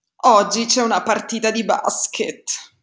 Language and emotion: Italian, disgusted